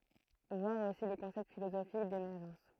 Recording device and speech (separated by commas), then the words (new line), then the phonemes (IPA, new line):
throat microphone, read sentence
Voir aussi le concept philosophique d'émergence.
vwaʁ osi lə kɔ̃sɛpt filozofik demɛʁʒɑ̃s